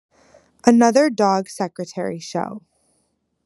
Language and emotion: English, angry